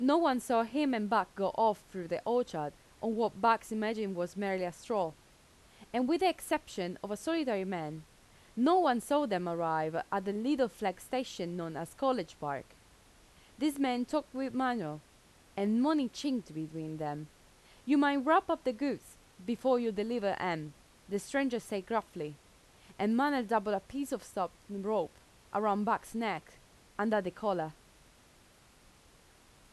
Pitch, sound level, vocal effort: 210 Hz, 86 dB SPL, loud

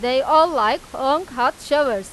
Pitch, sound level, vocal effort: 275 Hz, 99 dB SPL, loud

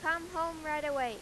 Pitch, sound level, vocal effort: 315 Hz, 98 dB SPL, very loud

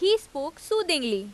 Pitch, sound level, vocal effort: 330 Hz, 90 dB SPL, loud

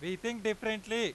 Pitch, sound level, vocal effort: 220 Hz, 100 dB SPL, very loud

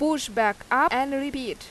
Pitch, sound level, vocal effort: 275 Hz, 89 dB SPL, very loud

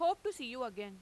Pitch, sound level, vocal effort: 255 Hz, 96 dB SPL, loud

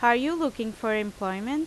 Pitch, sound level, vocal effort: 230 Hz, 87 dB SPL, loud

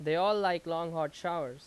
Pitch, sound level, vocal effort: 165 Hz, 91 dB SPL, very loud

